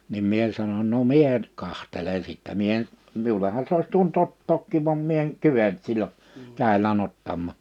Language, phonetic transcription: Finnish, nim 'mie sanoń » no "mie (nʸ)t 'kantele sìttä « 'mie en , 'miuleha se ois tuon't ‿ottookkiiv vam 'mie eŋ 'kyvent 'sil͕l͕o , 'kä̀ilä'n ‿ottammà .
- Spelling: niin minä sanon no minä nyt katselen sitten minä en minullehan se olisi tuonut ottaakin vaan minä en kyennyt silloin kädelläni ottamaan

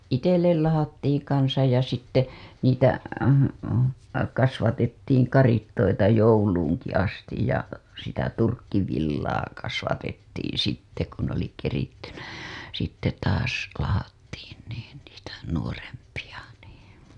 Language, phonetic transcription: Finnish, 'itellel 'lahattiiŋ kansaj ja sitte , niitä , kasvatettiiŋ 'karittoita jouluuŋki astij ja , sitä 'turkkivillaa kasvatettiiḭ sitte ku n ‿oli kerittynä , sitte taas , lahattiin niin niitä , nuorempiʲa nii .
- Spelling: itselle lahdattiin kanssa ja sitten niitä kasvatettiin karitsoita jouluunkin asti ja sitä turkkivillaa kasvatettiin sitten kun ne oli kerittynä sitten taas lahdattiin niin niitä nuorempia niin

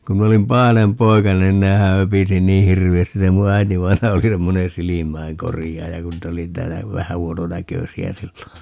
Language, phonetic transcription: Finnish, 'ku min ‿olim "pahanem 'poikanen 'nehä 'höpisi 'nii "hirvi₍ästis - se mu 'äitivainaja 'oli 'semmoneè "si-limäiŋkorijaaja 'kun niit ‿oli 'täällä , 'vähä 'huono"näkösi₍ä 'sillo .
- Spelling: kun minä olin pahainen poikanen nehän höpisi niin hirveästi se minun äitivainaja oli semmoinen silmäinkorjaaja kun niitä oli täällä vähän huononäköisiä silloin

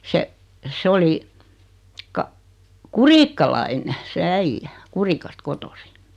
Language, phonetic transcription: Finnish, 'se , 'sᵉ oli , 'ka- , "Kuriikkalaine , se 'äijjä , 'Kurikast 'kotosi .
- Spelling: se se oli - kurikkalainen se äijä Kurikasta kotoisin

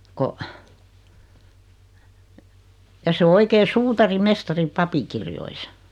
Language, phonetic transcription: Finnish, ko , ja se o 'oikee "suutari"mestari 'papikirjoisa .
- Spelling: kun ja se on oikein suutarimestari papinkirjoissa

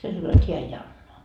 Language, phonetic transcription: Finnish, se sano jot 'heä ei 'anna .
- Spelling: se sanoi jotta hän ei anna

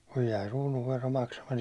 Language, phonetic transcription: Finnish, kuj jäi 'ruunuvvero 'maksamat
- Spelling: kun jäi kruununvero maksamatta

